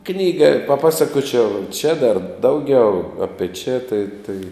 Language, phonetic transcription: Lithuanian, ˈknyga paˈpasakočiau čia dar ˈdaugiau apie čia tai tai

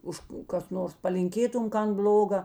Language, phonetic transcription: Lithuanian, ˈuž ku ˈkas ˈnors palinˈkėtum ˈkan ˈbl'oga

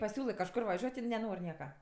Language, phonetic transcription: Lithuanian, paˈsiūlɜ kažˈkur vaˈžiuot' ˈin neˈnor' ˈnieka

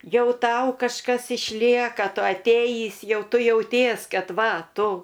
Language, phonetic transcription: Lithuanian, ˈjau ˈtau kažˈkas išˈlieka ˈtu atˈėjįs ˈjau ˈtu jauˈties ˈkad ˈva ˈtu

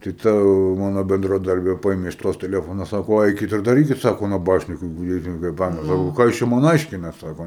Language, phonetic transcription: Lithuanian, tai ˈta ˈmano bendraˈdarbė ˈpaėmė iš ˈtos teˈlefona ˈsako ˈaikit ir daˈrykit ˈsako naˈbašnikui ˈgulinčiam kvėˈpavima ˈsako ˈką jūs ˈčia ˈman ˈaiškinat ˈsako

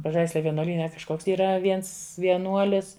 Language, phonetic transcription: Lithuanian, paˈžaislia vienuoˈlyne kažˈkoks yˈra ˈviens vieˈnuolis

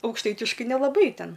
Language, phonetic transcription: Lithuanian, aukšˈtaitiškai nelaˈbai ˈten

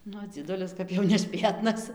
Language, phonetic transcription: Lithuanian, ˈnu dzieˈdulis ˈkap jau neˈšpėtnas

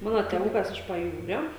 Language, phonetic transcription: Lithuanian, ˈmano tėˈvukas iš paˈjūrio

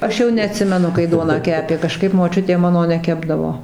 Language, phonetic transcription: Lithuanian, ˈaš jau neaˈtsimenu kai ˈduoną ˈkepė kaˈžkaip moˈčiutė ˈmano neˈkepdavo

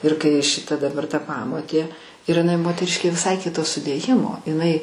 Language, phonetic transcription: Lithuanian, ir kai šiˈta daˈbar ˈta ˈpamotė ir iˈnai moteˈriškė viˈsai ˈkito sudėˈjimo iˈnai

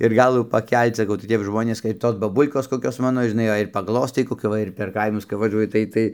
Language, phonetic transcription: Lithuanian, ir ˈgalvų paˈkel'c saˈkau tai ˈtep ˈžmonės kaip ˈtos baˈbūlkos koˈkios ˈmano žiˈnai jei ir paˈglostai koˈkiu ˈva ir per ˈkaimus kap vaˈžuoji ˈtai ˈtai

